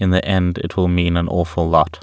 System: none